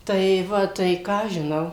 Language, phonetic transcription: Lithuanian, tai ˈva ˈtai ˈką aš žiˈnau

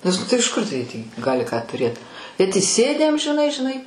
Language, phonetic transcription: Lithuanian, nes ˈnu tai iš ˈkur tai tį ˈgali ką tuˈrėt bet įˈsėdę amžiˈnai žiˈnai

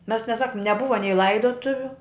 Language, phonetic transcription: Lithuanian, mes neˈsakum neˈbuva nei ˈlaidotuviu

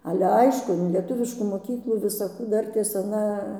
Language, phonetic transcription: Lithuanian, ˈale ˈaišku in lieˈtuviškų moˈkyklų visaˈkų ˈdartės aˈna

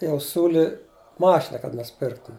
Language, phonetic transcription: Lithuanian, jau ˈsiūli ˈmašina kad nusiˈpirktum

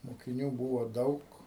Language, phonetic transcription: Lithuanian, mokiˈnių ˈbūvo ˈdaug

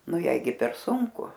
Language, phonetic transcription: Lithuanian, ˈnu ˈjai gi per ˈsunku

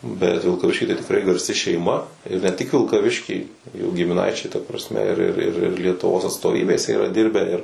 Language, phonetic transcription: Lithuanian, bet vilkaˈvišky tai tikˈrai garˈsi šeiˈma ir ne tik vilkaˈvišky jų gimiˈnaičiai ta prasˈme ir ir ir ir lietuˈvos atstoˈvybėse yra ˈdirbę ir

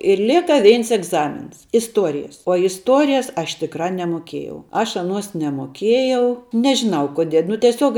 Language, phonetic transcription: Lithuanian, ir ˈlėka ˈveins egˈzamins isˈtuorijas uo isˈtuorijas ˈaš tikˈra nemoˈkiejau ˈaš aˈnuos nemoˈkiejau nežiˈnau koˈdie nu tieˈsiuog

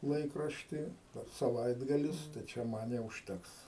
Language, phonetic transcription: Lithuanian, ˈlaikraštį saˈvaitgalis tai ˈčia ˈman jau užˈteks

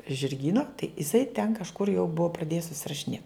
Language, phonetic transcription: Lithuanian, žirˈgyna tai iˈsai ten kažˈkur jau ˈbua praˈdėjes susirašiˈnėt

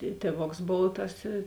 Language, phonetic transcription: Lithuanian, i ˈtėˌvoks ˈbov tas i

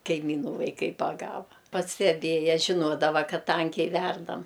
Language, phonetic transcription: Lithuanian, kaiˈmynų vaiˈkai paˈgava pasteˈbėja žiˈnodava ˈkad ˈtankiai ˈverdam

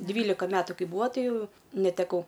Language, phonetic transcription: Lithuanian, ˈdvylika ˈmetu ˈkai ˈbūa ˈtai ˈjau neteˈkau

